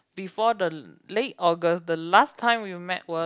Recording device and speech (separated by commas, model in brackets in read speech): close-talking microphone, conversation in the same room